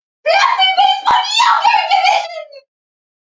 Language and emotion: English, happy